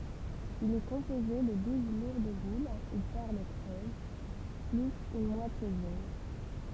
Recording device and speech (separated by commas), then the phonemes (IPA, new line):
temple vibration pickup, read sentence
il ɛ kɔ̃poze də duz luʁd bul u pɛʁl kʁøz plyz yn mwatje dyn